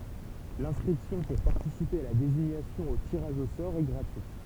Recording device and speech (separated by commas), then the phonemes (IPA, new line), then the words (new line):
temple vibration pickup, read sentence
lɛ̃skʁipsjɔ̃ puʁ paʁtisipe a la deziɲasjɔ̃ o tiʁaʒ o sɔʁ ɛ ɡʁatyit
L’inscription pour participer à la désignation au tirage au sort est gratuite.